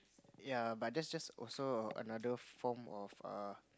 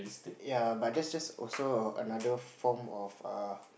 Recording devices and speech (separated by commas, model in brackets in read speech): close-talking microphone, boundary microphone, conversation in the same room